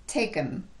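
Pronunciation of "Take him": In 'take him', the pronoun 'him' is reduced and linked to the word before it, 'take'.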